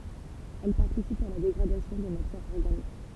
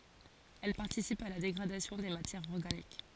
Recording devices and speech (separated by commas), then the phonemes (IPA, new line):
temple vibration pickup, forehead accelerometer, read sentence
ɛl paʁtisipt a la deɡʁadasjɔ̃ de matjɛʁz ɔʁɡanik